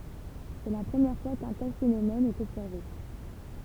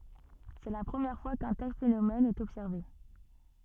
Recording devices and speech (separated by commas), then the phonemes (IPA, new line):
temple vibration pickup, soft in-ear microphone, read sentence
sɛ la pʁəmjɛʁ fwa kœ̃ tɛl fenomɛn ɛt ɔbsɛʁve